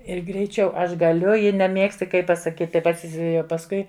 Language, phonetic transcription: Lithuanian, ir greiˈčiau ˈaš gaˈliu ji neˈmiegsti ˈkai pasaˈkyti ˈpats pasˈkui

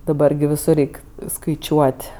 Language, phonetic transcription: Lithuanian, daˈbar gi viˈsur ˈreik skaiˈčiuot'

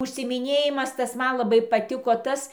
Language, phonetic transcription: Lithuanian, užsiimiˈnėjimas ˈtas ˈman laˈbai paˈtiko ˈtas

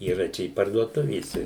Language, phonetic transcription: Lithuanian, yˈra ˈčia i parduoˈtuvėse

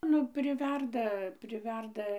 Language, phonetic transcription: Lithuanian, ˈnu priˈverda priˈverda

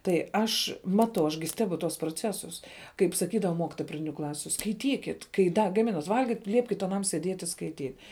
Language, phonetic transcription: Lithuanian, tai ˈaš ˈmatau aš gi ˈstebu tuos proˈcesus kaip saˈkydava ˈmokitoja praˈdiniu ˈklasiu skaiˈtykit kai ˈda gaˈminat ˈvalgit ˈliepkit aˈnam sieˈdiet' i skaiˈtyt'

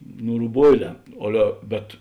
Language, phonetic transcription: Lithuanian, ˈnu ruˈboiˌlē ˈale bet

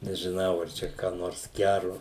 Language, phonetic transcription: Lithuanian, nežiˈnau ar ˈčia ką ˈnors ˈgæru

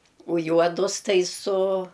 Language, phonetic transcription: Lithuanian, u ˈjuodus ˈtai su

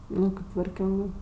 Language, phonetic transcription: Lithuanian, ˈnu kėp tvarˈkiongɜ

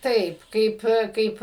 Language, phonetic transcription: Lithuanian, ˈtaip ˈkaip ˈkaip

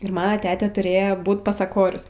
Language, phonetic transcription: Lithuanian, ir maˈna ˈtetė tuˈrėjo ˈbūt pasaˈkorius

